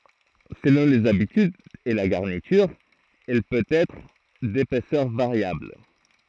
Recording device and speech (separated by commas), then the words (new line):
throat microphone, read sentence
Selon les habitudes et la garniture, elle peut être d'épaisseur variable.